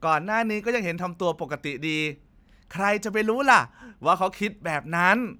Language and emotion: Thai, happy